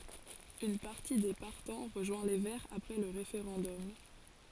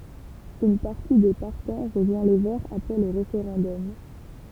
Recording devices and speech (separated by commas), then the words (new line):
forehead accelerometer, temple vibration pickup, read sentence
Une partie des partants rejoint les Verts après le référendum.